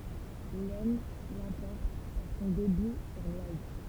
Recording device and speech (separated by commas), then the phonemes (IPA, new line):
temple vibration pickup, read sentence
lɛsn lɑ̃pɔʁt paʁ sɔ̃ debi syʁ lwaz